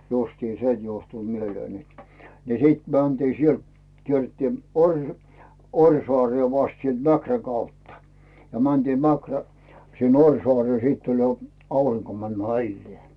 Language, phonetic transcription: Finnish, justiin "se 'juohtu mieleen net , ni 'sìt mäntii 'sielt , 'kierrᵉttii oŕ- , "Oŕsoaree 'vast sielt 'Mäkrä kautta , ja mäntiim 'Mäkrä , sin "Oŕsoaree 'siitt ‿oĺ jo , 'auriŋko mänD "maillⁱee .
- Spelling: justiin se johtui mieleen että niin sitten mentiin sieltä kierrettiin - Orjasaareen vasta sieltä Mäkrän kautta ja mentiin Mäkrä sinne Orjasaareen sitten oli jo aurinko mennyt mailleen

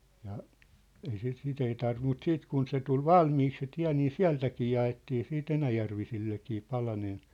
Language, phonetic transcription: Finnish, ja , ei sit 'sit ‿ei tarvim mut 'siit kun se tul "valmiik se 'tiä̭ nii "siä̭ltäkii ja₍ettii siit 'enäjärvisillekii 'palanen .
- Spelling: ja ei sitä sitä ei tarvinnut mutta sitten kun se tuli valmiiksi se tie niin sieltäkin jaettiin sitten enäjärvisillekin palanen

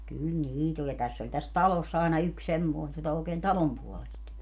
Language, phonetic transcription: Finnish, 'kyl "niit ‿oĺ ja 'täss ‿oĺ täs "taloss ‿àena 'yks 'semmoe (sillo) ookeen "talom puolest .
- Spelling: kyllä niitä oli ja tässä oli tässä talossa aina yksi semmoinen silloin oikein talon puolesta

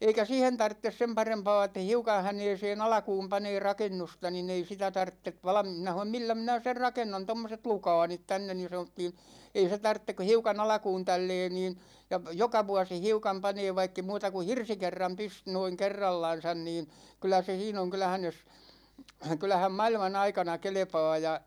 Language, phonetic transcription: Finnish, 'eikä 'siihen 'tarttes sem 'parempa̭a̭ et̆tä 'hiukan̬ 'häneesee'n ‿alᵃkuum 'panee 'rakennusta ni'n ‿ei sitä 'tarttev valᵃm- 'minä ha(n)om » 'millä 'minä "ser 'rakennan 'tommoset "lukaanit 'tänne « ni sanottiin̬ , » 'ei se 'tarttek ku̬ 'hiukan "alᵃkuun 'tällɛɛ niin , ja p- , "joka 'vuasi 'hiukam 'panee vaikke 'muuta ku "hirsikerram pys- , noiŋ 'kerrallan̬san nin , 'kyl̆lä se 'siin ‿oŋ ('kyllähän̬ jos) , 'kyl̆lähäm "mailma'n ‿aikana "kelᵉpa̭a̭ « ja ,.
- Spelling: eikä siihen tarvitse sen parempaa että hiukan häneen alkuun panee rakennusta niin ei sitä tarvitse - minä sanoin millä minä sen rakennan tuommoiset lukaalit tänne niin sanottiin ei se tarvitse kuin hiukan alkuun tällä lailla niin ja - joka vuosi hiukan panee vaikka ei muuta kuin hirsikerran - noin kerrallansa niin kyllä se siinä on kyllähän jos kyllähän maailman aikana kelpaa ja

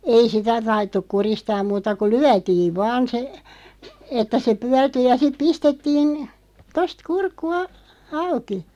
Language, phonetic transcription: Finnish, 'ei "sitä 'taittuk "kuristaaᵐ 'muuta ku "lyätiiv 'vaan se , että se 'pyärty ja siᵗ 'pistettiin , 'tost "kurkku a- , "auki .
- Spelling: ei sitä taidettu kuristaa muuta kun lyötiin vain se että se pyörtyi ja sitten pistettiin tuosta kurkku - auki

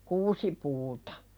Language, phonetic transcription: Finnish, kuusipuutᴀ .
- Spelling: kuusipuut

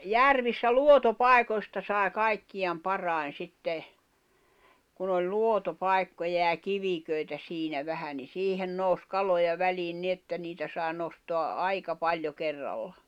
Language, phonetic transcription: Finnish, järvissä "luoto"pài̬koⁱsta sài̬ 'kaikkiʲam 'parài̬n 'sitte , kun ‿oĺ 'luoto'pài̬kkoja jä 'kiviköi̬tä 'siinä 'vähä ni 'siihen 'nòus 'kaloja 'väliin 'ni ‿että 'niitä sài̬ nostoa’ "’aika paĺjo 'kerralla .
- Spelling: järvissä luotopaikoista sai kaikkien parhain sitten kun oli luotopaikkoja ja kivikoita siinä vähän niin siihen nousi kaloja väliin niin että niitä sai nostaa aika paljon kerralla

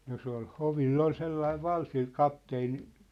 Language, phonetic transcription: Finnish, no se ‿ol , "hovil'l ‿ol 'sellaiv "val- sil "kapteeni ,.
- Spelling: no se oli hovilla oli sellainen - sillä kapteeni

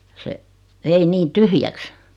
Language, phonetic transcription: Finnish, 'se , vei 'nii "tyhjäks .
- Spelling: se vei niin tyhjäksi

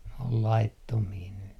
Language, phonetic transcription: Finnish, n ‿ol 'laittomii ny .
- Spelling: ne on laittomia nyt

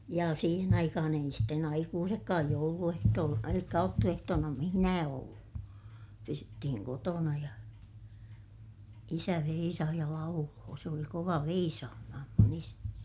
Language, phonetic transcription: Finnish, ja siihen ‿aikahan ‿ei sitten aikuusekkaaj joulu₍ehtool- , elikkä auttu₍ehtoona mihⁱnää ollu , pysyttihiŋ kotona ja , isä veisah ja lauloo , se oli kova veisaamaham mun ‿isäni .
- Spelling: ja siihen aikaan ei sitten aikuisetkaan jouluehtoolla eli aattoehtoona missään ollut pysyttiin kotona ja isä veisasi ja lauloi se oli kova veisaamaan minun isäni

